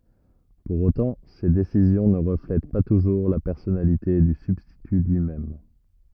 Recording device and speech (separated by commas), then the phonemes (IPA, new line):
rigid in-ear microphone, read sentence
puʁ otɑ̃ se desizjɔ̃ nə ʁəflɛt pa tuʒuʁ la pɛʁsɔnalite dy sybstity lyi mɛm